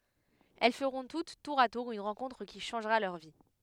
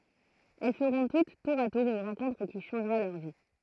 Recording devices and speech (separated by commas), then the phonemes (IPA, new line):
headset microphone, throat microphone, read sentence
ɛl fəʁɔ̃ tut tuʁ a tuʁ yn ʁɑ̃kɔ̃tʁ ki ʃɑ̃ʒʁa lœʁ vi